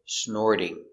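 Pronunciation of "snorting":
In 'snorting', the t between the r and the vowel sounds like a d.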